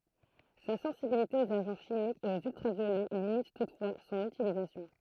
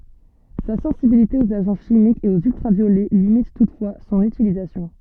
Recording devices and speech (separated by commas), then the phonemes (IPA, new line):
throat microphone, soft in-ear microphone, read sentence
sa sɑ̃sibilite oz aʒɑ̃ ʃimikz e oz yltʁavjolɛ limit tutfwa sɔ̃n ytilizasjɔ̃